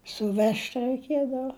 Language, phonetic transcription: Lithuanian, suˈvežt' raiˈkiedava

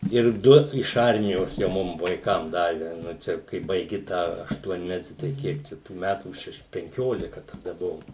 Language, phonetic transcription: Lithuanian, ir ˈdu iš ˈarmijos jau ˈmum vaiˈkam ˈdave ˈnu ˈčia kai baiˈgi ˈtą ašˈtuonmeti tai ˈkiek čia tų ˈmætų ˈšeš penˈkiolika taˈda ˈbuvom

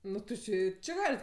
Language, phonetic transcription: Lithuanian, ˈnu ti ˈčė i ˈči ˈgalit

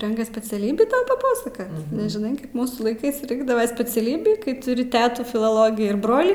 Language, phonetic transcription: Lithuanian, ˈrenkas speciaˈlybį paˈpasaka nežiˈnai ˈkaip ˈmūsų laiˈkɜs ˈrinkdava speciaˈlybį kai tuˈri ˈtetų filoˈlogį ir ˈbrolį

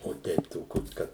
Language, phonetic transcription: Lithuanian, o ˈteip toˈkios ˈkad

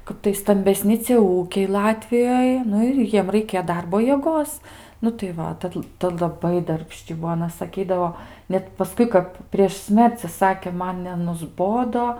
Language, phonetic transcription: Lithuanian, ˈkap tai stambeˈsni cie ˈūkiai ˈlatvijoj ˈnu ir ˈjiem raiˈkė ˈdarbo jieˈgos nu tai ˈva ˈtad ˈta laˈbai darbˈšči ˈbuo aˈna saˈkydavo ˈnet paˈskui kap prieš ˈsmerci ˈsakė ˈman nenusˈbodo

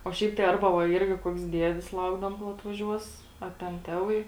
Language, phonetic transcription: Lithuanian, o ˈšiaip tai ˈarba va ˈirgi koks ˈdiedis ˈlaukdavom kol atvaˈžiuos a ten ˈteˌvai

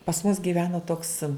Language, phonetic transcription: Lithuanian, pas mus gyˈveno toks

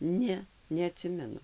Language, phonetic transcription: Lithuanian, ˈne neaˈtsimenu

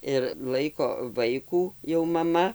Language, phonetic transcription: Lithuanian, ir ˈlaiko ˈvaikų jau maˈma

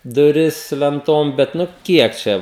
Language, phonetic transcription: Lithuanian, duˈris lenˈtom ˈbet ˈnu ˈkiek čia

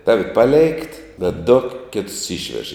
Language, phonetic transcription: Lithuanian, ˈtavi paˈlėikt bet du ˈkėtus ˈyšvež

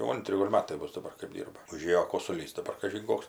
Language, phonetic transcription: Lithuanian, jau ˈantri ˈgol' ˈmatai ˈbus daˈbar kɜp ˈdyrba uˈžėjo kosuˈlys daˈbar kažin ˈkoks

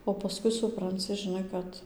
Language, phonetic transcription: Lithuanian, o paˈskui supranˈci žiˈnai ˈkad

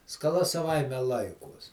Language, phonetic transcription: Lithuanian, skaˈla saˈvaime ˈlaikuos

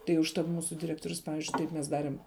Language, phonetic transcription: Lithuanian, tai užˈtat ˈmūsu diˈrektorius ˈpavizdžiui ˈtaip mes ˈdarim

